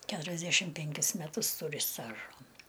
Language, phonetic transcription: Lithuanian, ˈketuriasˌdæšim ˈpenkis meˈtus ˈtūri ˈstažo

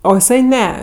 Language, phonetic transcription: Lithuanian, o iˈsai ˈne

